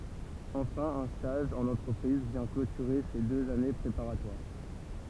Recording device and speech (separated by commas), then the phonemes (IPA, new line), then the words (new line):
temple vibration pickup, read sentence
ɑ̃fɛ̃ œ̃ staʒ ɑ̃n ɑ̃tʁəpʁiz vjɛ̃ klotyʁe se døz ane pʁepaʁatwaʁ
Enfin un stage en entreprise vient clôturer ces deux années préparatoires.